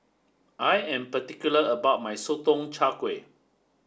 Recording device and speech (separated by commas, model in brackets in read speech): standing microphone (AKG C214), read sentence